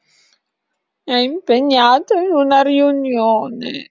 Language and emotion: Italian, sad